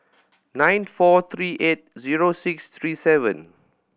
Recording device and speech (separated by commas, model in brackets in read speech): boundary microphone (BM630), read sentence